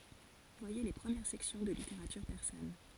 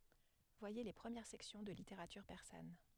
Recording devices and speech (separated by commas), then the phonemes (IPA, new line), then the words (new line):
forehead accelerometer, headset microphone, read sentence
vwaje le pʁəmjɛʁ sɛksjɔ̃ də liteʁatyʁ pɛʁsan
Voyez les premières sections de Littérature persane.